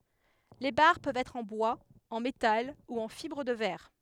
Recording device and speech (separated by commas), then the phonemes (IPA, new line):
headset microphone, read sentence
le baʁ pøvt ɛtʁ ɑ̃ bwaz ɑ̃ metal u ɑ̃ fibʁ də vɛʁ